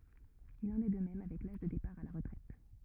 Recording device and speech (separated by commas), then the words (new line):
rigid in-ear microphone, read sentence
Il en est de même avec l'âge de départ à la retraite.